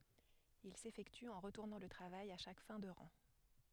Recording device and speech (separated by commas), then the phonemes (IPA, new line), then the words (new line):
headset microphone, read sentence
il sefɛkty ɑ̃ ʁətuʁnɑ̃ lə tʁavaj a ʃak fɛ̃ də ʁɑ̃
Il s'effectue en retournant le travail à chaque fin de rang.